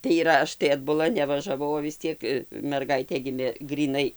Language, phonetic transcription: Lithuanian, tai yˈra ˈaš tai atbuˈla nevažaˈvau o vis ˈciek merˈgaitė ˈgimė gryˈnai

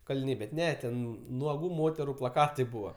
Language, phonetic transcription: Lithuanian, kaliˈniai bet ˈne ten nuoˈgų ˈmoteru plaˈkatai ˈbūva

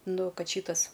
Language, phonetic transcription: Lithuanian, ˈnu ˈkad ˈšytas

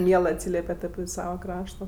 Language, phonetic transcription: Lithuanian, ˈmielɜ atˈsylepet api ˈsava ˈkrašto

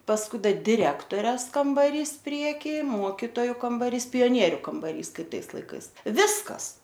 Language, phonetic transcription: Lithuanian, pasˈkui da diˈrektores kambaˈrys ˈprieky ˈmuokitoju kambaˈrys pijoˈnieriu kambaˈrys ˈkaip ˈtais laiˈkais ˈviskas

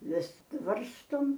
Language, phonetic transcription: Lithuanian, ˈvis ˈvarstom

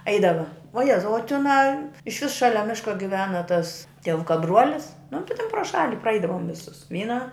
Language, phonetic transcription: Lithuanian, ˈaidava vuo ˈjezau o tiˈnā iš vis ˈšalia ˈmiška giˈvena tas tieˈvuka ˈbruolis nu ti ten pro ˈšali praˈaidavom viˈsus ˈvyna

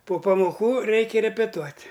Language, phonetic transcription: Lithuanian, po pamoˈkų ˈreikia repeˈtuot'

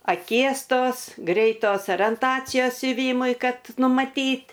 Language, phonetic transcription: Lithuanian, aˈkies ˈtos greiˈtos orienˈtacijos siuˈvymui ˈkad numaˈtyt'

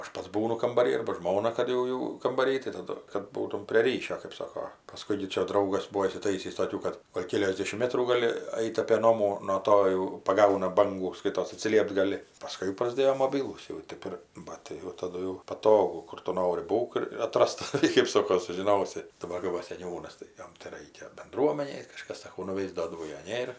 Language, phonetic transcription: Lithuanian, aš ˈpats ˈbūnu kambaˈryj ˈarba ˈžmona ˈkad jau ˈjau kambaˈryj tai taˈdu kad ˈbūtum prė ˈryšio kɜp ˈsoko paˈskui gi ˈčia ˈdraugas ˈbuo įsiˈtaisįs toˈkių kad ˈgol' ˈkėliasdešim ˈmetrų gaˈli ˈait' apė ˈnomų no ˈto jau paˈgauna ˈbangų ˈskaitos atsiˈliept gaˈli paˈskui jau prasˈdėjo moˈbilūs jau ˈtėp ˈir ˈbat tai jau taˈdu jau paˈtogu ˈkur tu ˈnori ˈbūk ir ir aˈtras taˈvi kɜp ˈsoko sužiˈnosi daˈbar kai ˈva seˈniūnas tai ˈjom tai ˈraikia benˈduomenei kaˈžkas saˈkau nuˈveis ˈdo o jo ˈnėr

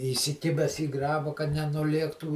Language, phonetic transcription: Lithuanian, įsiˈkibes į ˈgraba kad nenuˈliektų

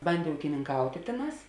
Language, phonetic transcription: Lithuanian, ˈbandė ūkininˈkautė ˈtėˌnās

